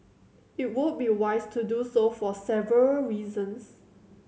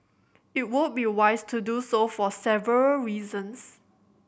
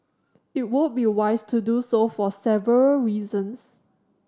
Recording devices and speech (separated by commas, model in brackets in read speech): mobile phone (Samsung C7100), boundary microphone (BM630), standing microphone (AKG C214), read sentence